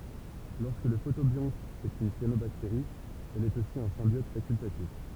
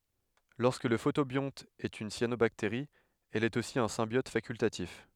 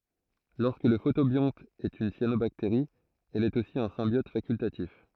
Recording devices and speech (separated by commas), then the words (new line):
temple vibration pickup, headset microphone, throat microphone, read sentence
Lorsque le photobionte est une cyanobactérie, elle est aussi un symbiote facultatif.